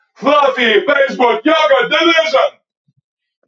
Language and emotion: English, surprised